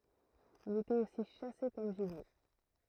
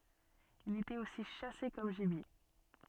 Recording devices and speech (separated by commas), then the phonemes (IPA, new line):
throat microphone, soft in-ear microphone, read sentence
il etɛt osi ʃase kɔm ʒibje